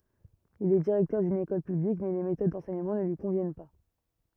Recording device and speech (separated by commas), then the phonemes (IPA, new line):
rigid in-ear microphone, read sentence
il ɛ diʁɛktœʁ dyn ekɔl pyblik mɛ le metod dɑ̃sɛɲəmɑ̃ nə lyi kɔ̃vjɛn pa